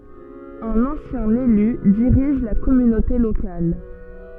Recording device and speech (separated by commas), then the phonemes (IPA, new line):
soft in-ear microphone, read sentence
œ̃n ɑ̃sjɛ̃ ely diʁiʒ la kɔmynote lokal